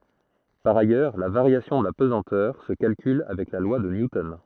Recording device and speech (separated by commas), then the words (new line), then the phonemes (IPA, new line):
throat microphone, read sentence
Par ailleurs, la variation de la pesanteur se calcule avec la loi de Newton.
paʁ ajœʁ la vaʁjasjɔ̃ də la pəzɑ̃tœʁ sə kalkyl avɛk la lwa də njutɔn